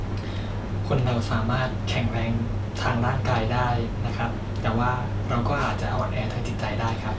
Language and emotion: Thai, neutral